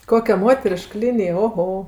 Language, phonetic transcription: Lithuanian, ˈkokia ˈmoterišk ˈlinij oˈho

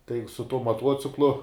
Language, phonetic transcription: Lithuanian, tai su tuo maˈtuociklu

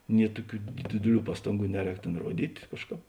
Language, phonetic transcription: Lithuanian, nie ˈtuoˌkių ˈdidiˌlių ˈpastanˌgų ˈneˌrēk ˈtėn ˈruodyt' ˈkažˌkāp

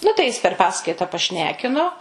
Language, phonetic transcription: Lithuanian, ˈnu tai jis per ˈpaskaita paˈšnekino

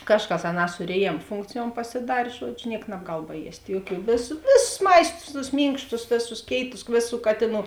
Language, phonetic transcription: Lithuanian, ˈkažˌkas aˈnā su rėˈjėm ˈfunkcijuom pasiˈdar' ˈžuodžiu ˈniek nabˈgal baˈjiest' ˈjuoˌkių ˈvėsus ˈvėsus ˈmaistus tus ˈmynkštus ˈvėˌsus ˈkėitus ˈvėˌsų ˈkatėˌnų

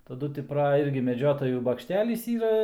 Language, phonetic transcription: Lithuanian, taˈdu ti ˈpra ˈirgi meˈdžiotajų bakšˈtelys ˈyra

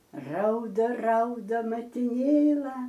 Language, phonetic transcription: Lithuanian, ˈrauda ˈrauda matiˈnėla

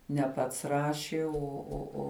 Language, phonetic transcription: Lithuanian, ne ˈpats ˈraši ˈo o o

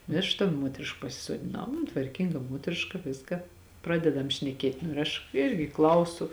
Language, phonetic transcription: Lithuanian, nu i ˈaš ta ˈmuotrišk pasisodiˈnau ˈan tvarˈkynga ˈmuotriška ˈviska ˈpradedam šneˈkėt' nu ir ˈaš ˈirgi ˈklausu

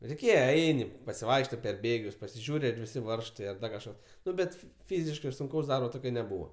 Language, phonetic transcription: Lithuanian, reiˈkėje ˈeini pasiˈvaikštai per ˈbėgius pasiˈžiūri ar ˈvisi ˈvaržtai ar ˈda kažˈkas ˈnu ˈbet ˈfyziškai sunˈkaus ˈdarbo ˈtokio neˈbūvo

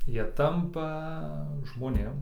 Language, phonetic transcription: Lithuanian, ˈjie ˈtampa žmoˈnėm

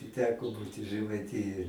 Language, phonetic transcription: Lithuanian, i ˈteko ˈbūti žɜmaiˈtijoj

